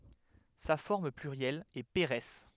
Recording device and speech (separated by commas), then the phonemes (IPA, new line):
headset microphone, read sentence
sa fɔʁm plyʁjɛl ɛ peʁɛs